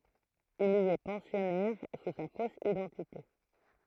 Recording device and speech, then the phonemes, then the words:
throat microphone, read sentence
il i ɛ pɑ̃sjɔnɛʁ su sa fos idɑ̃tite
Il y est pensionnaire sous sa fausse identité.

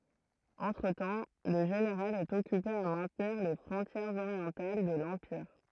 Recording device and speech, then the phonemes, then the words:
throat microphone, read sentence
ɑ̃tʁətɑ̃ lə ʒeneʁal ɛt ɔkype a mɛ̃tniʁ le fʁɔ̃tjɛʁz oʁjɑ̃tal də lɑ̃piʁ
Entretemps, le général est occupé à maintenir les frontières orientales de l'empire.

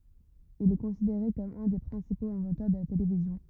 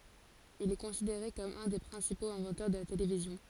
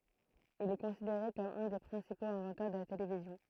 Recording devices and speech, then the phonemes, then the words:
rigid in-ear microphone, forehead accelerometer, throat microphone, read sentence
il ɛ kɔ̃sideʁe kɔm œ̃ de pʁɛ̃sipoz ɛ̃vɑ̃tœʁ də la televizjɔ̃
Il est considéré comme un des principaux inventeurs de la télévision.

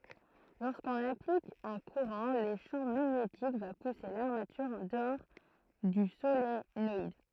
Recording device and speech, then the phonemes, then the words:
throat microphone, read sentence
loʁskɔ̃n aplik œ̃ kuʁɑ̃ lə ʃɑ̃ maɲetik va puse laʁmatyʁ ɑ̃ dəɔʁ dy solenɔid
Lorsqu’on applique un courant, le champ magnétique va pousser l’armature en dehors du solénoïde.

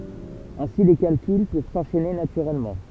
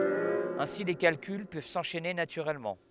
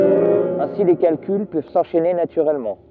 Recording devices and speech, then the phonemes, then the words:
temple vibration pickup, headset microphone, rigid in-ear microphone, read sentence
ɛ̃si le kalkyl pøv sɑ̃ʃɛne natyʁɛlmɑ̃
Ainsi les calculs peuvent s'enchaîner naturellement.

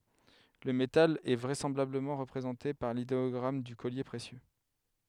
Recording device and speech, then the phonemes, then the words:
headset microphone, read sentence
lə metal ɛ vʁɛsɑ̃blabləmɑ̃ ʁəpʁezɑ̃te paʁ lideɔɡʁam dy kɔlje pʁesjø
Le métal est vraisemblablement représenté par l'idéogramme du collier précieux.

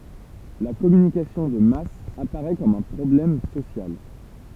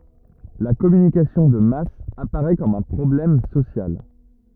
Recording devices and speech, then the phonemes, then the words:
temple vibration pickup, rigid in-ear microphone, read sentence
la kɔmynikasjɔ̃ də mas apaʁɛ kɔm œ̃ pʁɔblɛm sosjal
La communication de masse apparait comme un problème social.

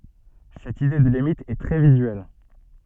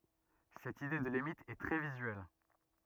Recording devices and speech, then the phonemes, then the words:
soft in-ear microphone, rigid in-ear microphone, read sentence
sɛt ide də limit ɛ tʁɛ vizyɛl
Cette idée de limite est très visuelle.

